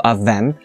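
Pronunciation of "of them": In 'of them', the th sound is silent, and the v at the end of 'of' links straight to the m sound of 'them'.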